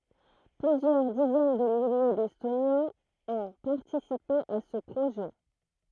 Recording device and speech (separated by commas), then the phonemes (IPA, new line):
throat microphone, read sentence
plyzjœʁ dizɛn də milje dɛstonjɛ̃z ɔ̃ paʁtisipe a sə pʁoʒɛ